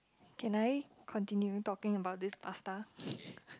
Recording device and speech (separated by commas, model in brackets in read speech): close-talking microphone, conversation in the same room